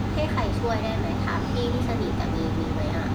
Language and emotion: Thai, neutral